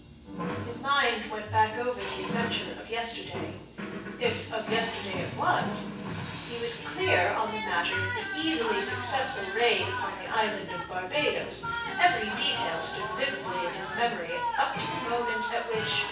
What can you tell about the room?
A spacious room.